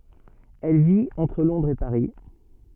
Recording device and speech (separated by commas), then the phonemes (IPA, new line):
soft in-ear microphone, read sentence
ɛl vit ɑ̃tʁ lɔ̃dʁz e paʁi